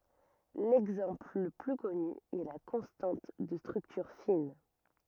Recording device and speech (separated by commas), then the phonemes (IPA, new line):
rigid in-ear microphone, read sentence
lɛɡzɑ̃pl lə ply kɔny ɛ la kɔ̃stɑ̃t də stʁyktyʁ fin